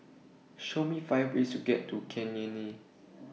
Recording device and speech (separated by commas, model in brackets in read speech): mobile phone (iPhone 6), read sentence